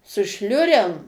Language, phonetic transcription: Lithuanian, su ˈšliurem

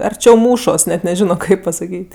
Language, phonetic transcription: Lithuanian, arˈčiau ˈmūšos net neˈžino ˈkaip pasaˈkyt'

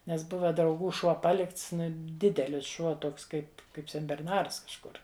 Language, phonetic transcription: Lithuanian, nes ˈbuva drauˈgų ˈšuo ˈpalikts ˈdidelis ˈšuo ˈtoks ˈkaip ˈkaip senberˈnars kažˈkur

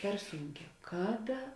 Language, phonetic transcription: Lithuanian, per ˈsūnˌkē ˈkaˌda

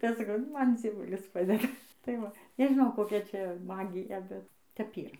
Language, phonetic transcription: Lithuanian, ˈtai ˈaš saˈkau ˈman dzieˈvulis ˈpadeda tai ˈva nežiˈnau koˈkia ˈčia ˈmagija ˈbet tep ˈyra

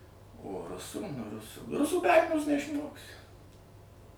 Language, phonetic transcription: Lithuanian, o ˈrusų ˈrusų ˈrusų be ˈarmijos neišˈmoksi

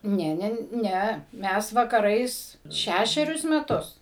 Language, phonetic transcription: Lithuanian, ˈne ˈne ˈnæ ˈmes vakaˈrais ˈšæšerius meˈtus

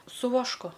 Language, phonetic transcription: Lithuanian, su vašˈku

